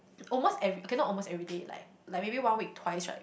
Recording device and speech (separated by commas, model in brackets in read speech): boundary microphone, conversation in the same room